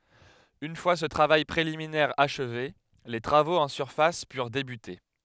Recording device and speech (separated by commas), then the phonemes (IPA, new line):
headset microphone, read sentence
yn fwa sə tʁavaj pʁeliminɛʁ aʃve le tʁavoz ɑ̃ syʁfas pyʁ debyte